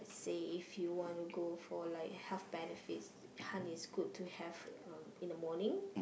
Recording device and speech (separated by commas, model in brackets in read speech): boundary microphone, conversation in the same room